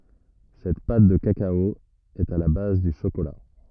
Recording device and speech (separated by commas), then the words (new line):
rigid in-ear microphone, read sentence
Cette pâte de cacao est à la base du chocolat.